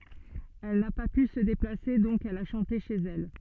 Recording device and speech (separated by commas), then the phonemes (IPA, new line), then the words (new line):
soft in-ear microphone, read sentence
ɛl na pa py sə deplase dɔ̃k ɛl a ʃɑ̃te ʃez ɛl
Elle n'a pas pu se déplacer, donc elle a chanté chez elle.